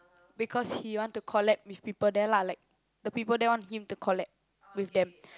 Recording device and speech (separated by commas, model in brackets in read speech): close-talking microphone, conversation in the same room